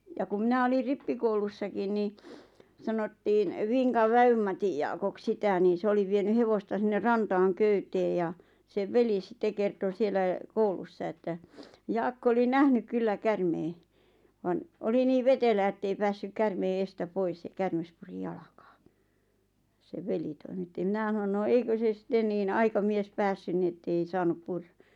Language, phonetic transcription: Finnish, ja kum 'mⁱnä olir 'rippikoulussakin ni , 'sanottiin , 'Viŋkav 'Vä₍ymmatij Jaakok 'sitä nii 'se oli vieny 'hevosta sinner 'rantaaŋ "köytee ja , sev "veli 'sⁱtte kerto 'sielä , 'koulussa että , 'Jaakko oli "nähnyᵏ 'kyllä "kärmee , van , oli 'nii(v) 'vetelää ᵉttei "päässyk 'kärmee 'eestä 'pois ja 'kärmes puri 'jalakᴀᴀ , seᵛ "veli toimitti 'mⁱnä ʰᵃnon » no 'eikö se 'sⁱtten niin 'aika'mies "pässyn ni ettei 'saanup "purra ?
- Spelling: ja kun minä olin rippikoulussakin niin sanottiin Vinkan Vävy-Matin Jaakoksi sitä niin se oli vienyt hevosta sinne rantaan köyteen ja sen veli sitten kertoi siellä koulussa että Jaakko oli nähnyt kyllä käärmeen vaan oli niin vetelää että ei päässyt käärmeen edestä pois ja käärme puri jalkaan sen veli toimitti minä sanoin no eikö se sitten niin aikamies päässyt niin että ei saanut purra

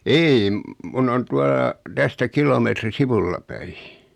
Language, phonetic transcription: Finnish, 'ei , 'mun ‿on 'tuala , tästä 'kilometri "sivulla päi .
- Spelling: ei minun on tuolla tästä kilometri sivulla päin

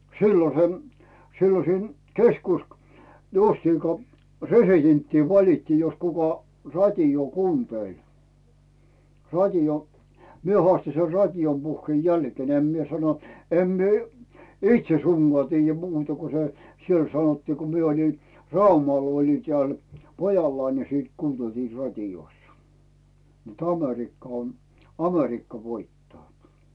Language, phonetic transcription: Finnish, 'sillon̬ se , 'sillon̬ siin 'keskusk- , justiiŋko , "resitenttii 'valittii jos kuka , 'rat́ioo 'kuuntèl , rat́io , mie 'hoàsti ser "rat́ijom puhhⁱè 'jälkⁱèn ‿'em mie sano , 'em mie , "itše suŋGoà tiijjä 'muuta ku se , 'siel sanottii ko mie olin , "Raumal oli teä̀l , 'pojallai ni siit "kuunneltii 'rat́ijossᴀ , nᵉt "Amerikka on̬ , "Amerikka 'voittaa .
- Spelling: silloin se silloin siinä - justiinko presidenttiä valittiin jos kuka radiota kuunteli radio minä haastoin sen radion puheen jälkeen en minä sano en minä itse suinkaan tiedä muuta kuin se siellä sanottiin kun minä olin Raumalla olin täällä pojallani niin sitten kuunneltiin radiossa niin että Amerikka on Amerikka voittaa

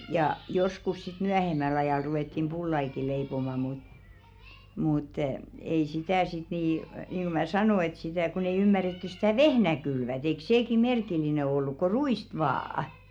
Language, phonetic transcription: Finnish, ja 'joskus sit "myähemäl ‿ajàl ruwettim 'ʙullaiki 'leipoma mut , mùt , ei 'sitä̀ sit nì , niinɢu mä "sanò ‿et sitä̀ kon ‿ei 'ymmärettyˢ stä̀ "vehnä 'kylvät ‿eik 'seeki "merkil̆line olluk ko "ru₍ìst 'vaa₍ᵃ .
- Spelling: ja joskus sitten myöhemmällä ajalla ruvettiin pullaakin leipomaan mutta mutta ei sitä sitten niin niin kuin minä sanoin että sitä kun ei ymmärretty sitä vehnää kylvää eikö sekin merkillinen ollut kuin ruista vain

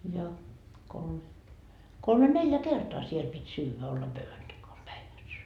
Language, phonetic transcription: Finnish, ja , kol- , 'kolme "neljä 'kertoa siel pit́ 'syyvä , olla 'päivän takan , 'päiväs .
- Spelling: ja - kolme neljä kertaa siellä piti syödä olla pöydän takana päivässä

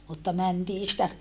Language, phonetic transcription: Finnish, mutta mäntii sⁱtä , .
- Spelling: mutta mentiin sitä

